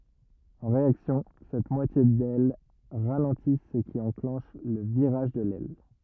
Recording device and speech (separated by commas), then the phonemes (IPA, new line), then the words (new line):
rigid in-ear microphone, read sentence
ɑ̃ ʁeaksjɔ̃ sɛt mwatje dɛl ʁalɑ̃ti sə ki ɑ̃klɑ̃ʃ lə viʁaʒ də lɛl
En réaction cette moitié d'aile ralentit ce qui enclenche le virage de l'aile.